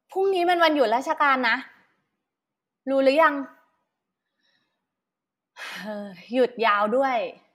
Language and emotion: Thai, frustrated